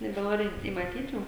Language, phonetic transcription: Lithuanian, nebeˈnori i maˈtyt ˈjų

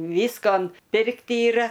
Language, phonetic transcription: Lithuanian, ˈvyskon ˈpirkt yˈra

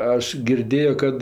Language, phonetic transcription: Lithuanian, ˈaš girˈdėjo ˈkad

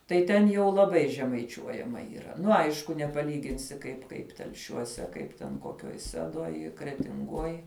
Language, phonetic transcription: Lithuanian, tai ˈten jau laˈbai žemaiˈčiuojama yˈra ˈnu ˈaišku nepaˈlyginsi kaip ˈkaip telˈšiuose ˈkaip ten koˈkioj ˈsedoj kretinˈgoj

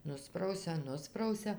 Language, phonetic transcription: Lithuanian, ˈnusprausia ˈnusprausia

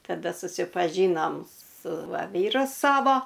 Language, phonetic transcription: Lithuanian, taˈda susipaˈžynom su ˈva ˈvyru ˈsavo

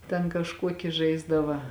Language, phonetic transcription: Lithuanian, ten kažˈkuoki ˈžaisdava

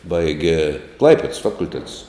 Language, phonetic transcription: Lithuanian, ˈbaige ˈklaipeds ˈfakulˌtetus

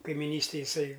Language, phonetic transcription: Lithuanian, kaimiˈnystėj jiˈsai

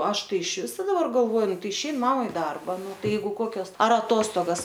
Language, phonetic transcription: Lithuanian, ˈaš ˈtai išˈviso daˈbar galˈvoju ˈnu ˈtai išein ˈmama i ˈdarba ˈnu ˈtai ˈjeigu ˈkokios ˈar aˈtostogas

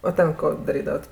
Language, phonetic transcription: Lithuanian, o ˈten ˈko daˈrydavat

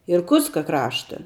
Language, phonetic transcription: Lithuanian, irˈkutska ˈkrašta

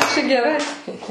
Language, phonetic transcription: Lithuanian, čia geˈrai

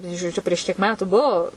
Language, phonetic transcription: Lithuanian, na i žoˈdžiu prieš kiek ˈmetu ˈbuo

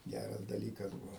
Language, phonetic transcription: Lithuanian, ˈgæras daˈlykas ˈbuvo

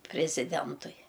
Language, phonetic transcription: Lithuanian, priziˈdentui

